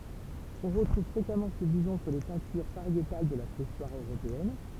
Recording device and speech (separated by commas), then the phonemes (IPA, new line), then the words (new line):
temple vibration pickup, read sentence
ɔ̃ ʁətʁuv fʁekamɑ̃ sə bizɔ̃ syʁ le pɛ̃tyʁ paʁjetal də la pʁeistwaʁ øʁopeɛn
On retrouve fréquemment ce bison sur les peintures pariétales de la Préhistoire européenne.